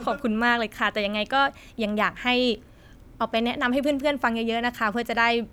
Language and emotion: Thai, happy